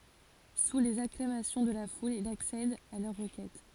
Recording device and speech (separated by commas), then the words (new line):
forehead accelerometer, read sentence
Sous les acclamations de la foule, il accède à leur requête.